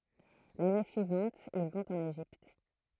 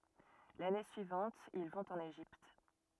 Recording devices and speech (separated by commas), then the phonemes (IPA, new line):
throat microphone, rigid in-ear microphone, read sentence
lane syivɑ̃t il vɔ̃t ɑ̃n eʒipt